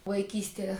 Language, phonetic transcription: Lithuanian, vaiˈkystie

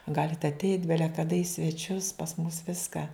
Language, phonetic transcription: Lithuanian, ˈgalit ateit' ˈbele kaˈda į sveˈčius pas mus ˈviską

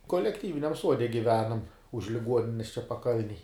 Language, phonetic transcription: Lithuanian, kolekˈtyviniam ˈsuode giˈvenam už liˈguonines čia paˈkalnej

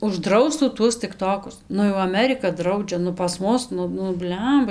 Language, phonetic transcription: Lithuanian, užˈdraustų ˈtuos tikˈtokus ˈnu jau aˈmerika ˈdraudžia nu pas ˈmus ˈnu nu ˈbliamba

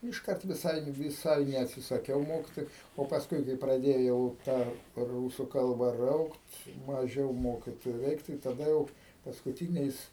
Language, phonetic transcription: Lithuanian, išˈkart viˈsai viˈsai neatsisaˈkiau ˈmokitoju o pasˈkui kai praˈdėjau ˈtą ˈrūsu ˈkalba ˈraukt maˈžiau ˈmokitoju ˈreik tai taˈda jau paskuˈtyniais

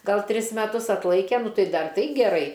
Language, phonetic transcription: Lithuanian, ˈgal ˈtris meˈtus atˈlaike ˈnu ˈtai ˈdar ˈtai geˈrai

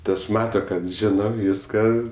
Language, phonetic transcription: Lithuanian, ˈtas ˈmata ˈkad ˈžino ˈvyska

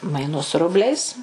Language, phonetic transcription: Lithuanian, maiˈnus ˈrubliais

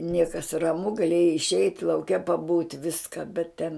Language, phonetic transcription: Lithuanian, ˈniekas raˈmu gaˈlėjai išˈeit' lauˈke paˈbūt' ˈviska bet ten

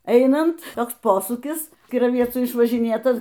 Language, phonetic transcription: Lithuanian, ˈeinant ˈtoks ˈposūkis kiraˈviecų išvažiˈnėtas

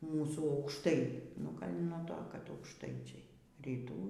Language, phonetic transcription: Lithuanian, ˈmūsų aukšˈtai nu ˈgal' nuo ˈto kad aukšˈtaičiai ryˈtų

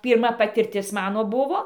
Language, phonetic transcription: Lithuanian, pyrˈma patirˈtis ˈmano ˈbuvo

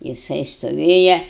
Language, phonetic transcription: Lithuanian, jiˈsai stoˈvėja

